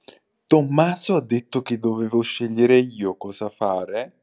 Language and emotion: Italian, surprised